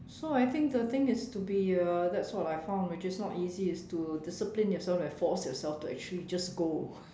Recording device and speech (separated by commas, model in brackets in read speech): standing microphone, conversation in separate rooms